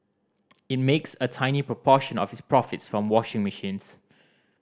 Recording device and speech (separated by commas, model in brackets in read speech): standing microphone (AKG C214), read sentence